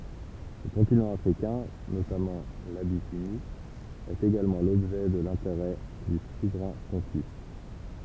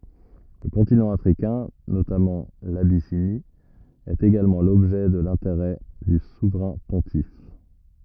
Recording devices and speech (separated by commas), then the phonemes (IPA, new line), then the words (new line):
temple vibration pickup, rigid in-ear microphone, read sentence
lə kɔ̃tinɑ̃ afʁikɛ̃ notamɑ̃ labisini ɛt eɡalmɑ̃ lɔbʒɛ də lɛ̃teʁɛ dy suvʁɛ̃ pɔ̃tif
Le continent africain, notamment l’Abyssinie, est également l’objet de l’intérêt du souverain pontife.